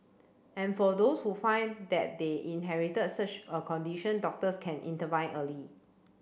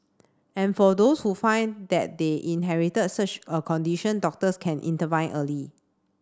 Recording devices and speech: boundary microphone (BM630), standing microphone (AKG C214), read sentence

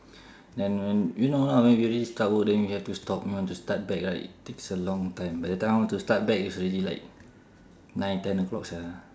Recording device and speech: standing microphone, conversation in separate rooms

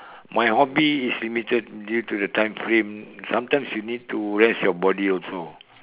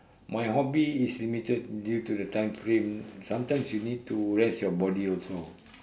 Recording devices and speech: telephone, standing microphone, conversation in separate rooms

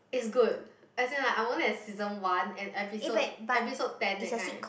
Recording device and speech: boundary microphone, conversation in the same room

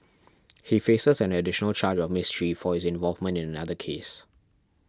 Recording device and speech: standing microphone (AKG C214), read sentence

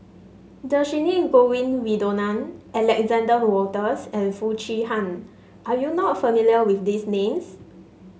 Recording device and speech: mobile phone (Samsung S8), read sentence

